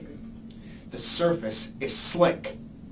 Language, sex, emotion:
English, male, angry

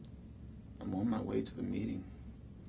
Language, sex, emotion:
English, male, sad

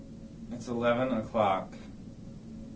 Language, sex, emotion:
English, male, neutral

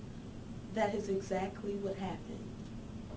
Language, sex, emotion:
English, female, neutral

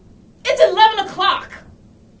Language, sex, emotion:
English, female, angry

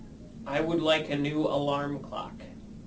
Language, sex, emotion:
English, male, neutral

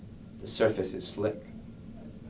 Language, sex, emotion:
English, male, neutral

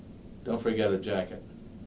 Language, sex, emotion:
English, male, neutral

